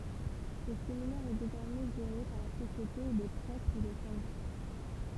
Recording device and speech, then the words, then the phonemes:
temple vibration pickup, read sentence
Ce séminaire est désormais géré par la Société des Prêtres de Saint-Jacques.
sə seminɛʁ ɛ dezɔʁmɛ ʒeʁe paʁ la sosjete de pʁɛtʁ də sɛ̃ ʒak

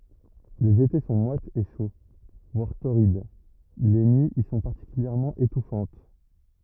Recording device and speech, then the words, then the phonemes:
rigid in-ear microphone, read sentence
Les étés sont moites et chauds, voire torrides, les nuits y sont particulièrement étouffantes.
lez ete sɔ̃ mwatz e ʃo vwaʁ toʁid le nyiz i sɔ̃ paʁtikyljɛʁmɑ̃ etufɑ̃t

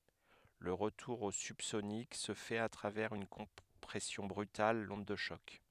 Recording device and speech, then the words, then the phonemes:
headset microphone, read sentence
Le retour au subsonique se fait à travers une compression brutale, l'onde de choc.
lə ʁətuʁ o sybsonik sə fɛt a tʁavɛʁz yn kɔ̃pʁɛsjɔ̃ bʁytal lɔ̃d də ʃɔk

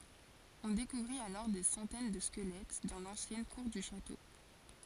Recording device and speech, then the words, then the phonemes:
forehead accelerometer, read sentence
On découvrit alors des centaines de squelettes dans l'ancienne cour du château.
ɔ̃ dekuvʁit alɔʁ de sɑ̃tɛn də skəlɛt dɑ̃ lɑ̃sjɛn kuʁ dy ʃato

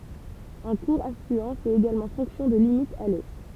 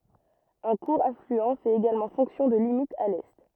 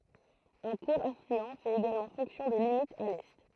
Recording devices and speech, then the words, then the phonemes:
temple vibration pickup, rigid in-ear microphone, throat microphone, read sentence
Un court affluent fait également fonction de limite à l'est.
œ̃ kuʁ aflyɑ̃ fɛt eɡalmɑ̃ fɔ̃ksjɔ̃ də limit a lɛ

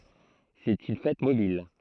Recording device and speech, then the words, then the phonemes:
throat microphone, read sentence
C'est une fête mobile.
sɛt yn fɛt mobil

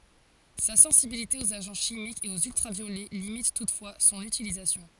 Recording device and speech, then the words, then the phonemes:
forehead accelerometer, read sentence
Sa sensibilité aux agents chimiques et aux ultraviolets limite toutefois son utilisation.
sa sɑ̃sibilite oz aʒɑ̃ ʃimikz e oz yltʁavjolɛ limit tutfwa sɔ̃n ytilizasjɔ̃

